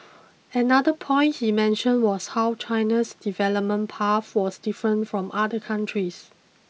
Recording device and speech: mobile phone (iPhone 6), read sentence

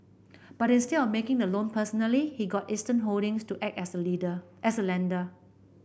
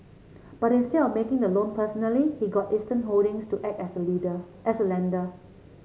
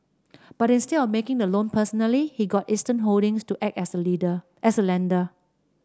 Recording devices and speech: boundary microphone (BM630), mobile phone (Samsung C7), standing microphone (AKG C214), read sentence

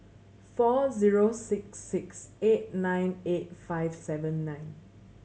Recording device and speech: mobile phone (Samsung C7100), read sentence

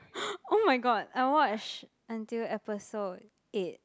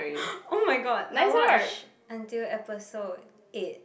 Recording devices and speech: close-talking microphone, boundary microphone, conversation in the same room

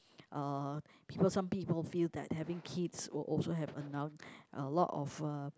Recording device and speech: close-talking microphone, conversation in the same room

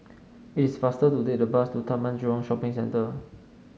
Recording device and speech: mobile phone (Samsung S8), read sentence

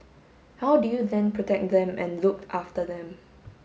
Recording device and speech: mobile phone (Samsung S8), read sentence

